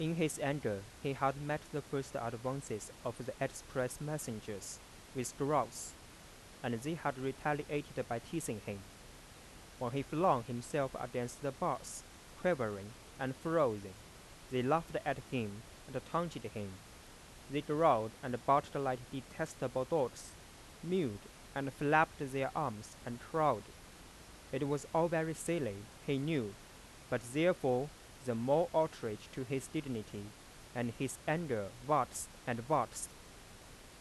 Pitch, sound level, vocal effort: 135 Hz, 88 dB SPL, normal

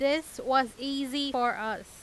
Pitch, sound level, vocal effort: 265 Hz, 94 dB SPL, loud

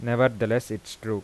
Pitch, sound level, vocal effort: 115 Hz, 86 dB SPL, normal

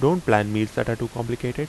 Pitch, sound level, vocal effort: 120 Hz, 81 dB SPL, normal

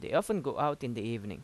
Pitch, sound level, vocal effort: 135 Hz, 87 dB SPL, normal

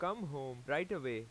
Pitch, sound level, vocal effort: 140 Hz, 93 dB SPL, loud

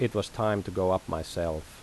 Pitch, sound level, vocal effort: 95 Hz, 82 dB SPL, normal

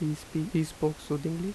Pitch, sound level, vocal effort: 155 Hz, 80 dB SPL, soft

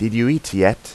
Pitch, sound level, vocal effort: 115 Hz, 87 dB SPL, normal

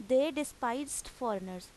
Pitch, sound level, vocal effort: 250 Hz, 88 dB SPL, loud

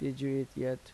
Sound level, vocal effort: 80 dB SPL, soft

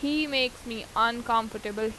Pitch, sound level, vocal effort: 230 Hz, 89 dB SPL, loud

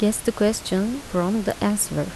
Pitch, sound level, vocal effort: 210 Hz, 77 dB SPL, soft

